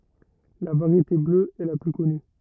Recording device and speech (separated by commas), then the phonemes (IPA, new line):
rigid in-ear microphone, read sentence
la vaʁjete blø ɛ la ply kɔny